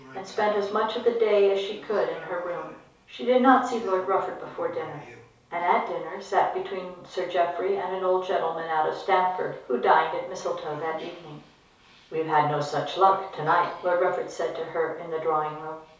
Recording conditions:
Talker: one person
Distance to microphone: 3.0 m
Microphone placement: far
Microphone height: 1.8 m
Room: small (3.7 m by 2.7 m)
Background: television

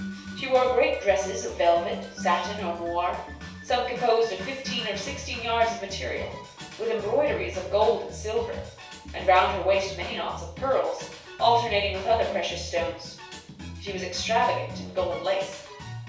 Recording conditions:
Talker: one person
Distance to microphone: 3.0 m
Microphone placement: far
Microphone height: 1.8 m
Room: small (3.7 m by 2.7 m)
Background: music

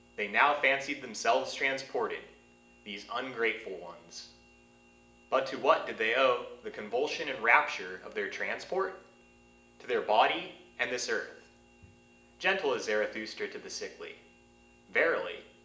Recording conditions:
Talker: one person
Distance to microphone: 1.8 m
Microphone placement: close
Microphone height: 1.0 m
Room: large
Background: none

